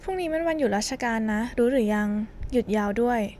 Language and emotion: Thai, neutral